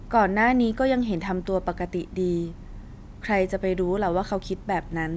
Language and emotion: Thai, neutral